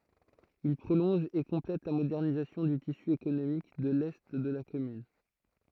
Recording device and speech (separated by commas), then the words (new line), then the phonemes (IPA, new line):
throat microphone, read sentence
Il prolonge et complète la modernisation du tissu économique de l’est de la commune.
il pʁolɔ̃ʒ e kɔ̃plɛt la modɛʁnizasjɔ̃ dy tisy ekonomik də lɛ də la kɔmyn